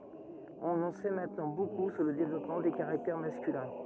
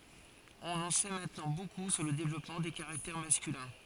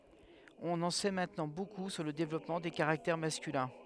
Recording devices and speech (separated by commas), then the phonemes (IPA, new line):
rigid in-ear microphone, forehead accelerometer, headset microphone, read sentence
ɔ̃n ɑ̃ sɛ mɛ̃tnɑ̃ boku syʁ lə devlɔpmɑ̃ de kaʁaktɛʁ maskylɛ̃